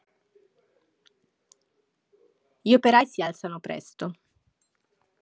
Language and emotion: Italian, neutral